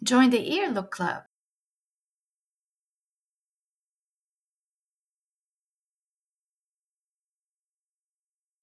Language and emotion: English, happy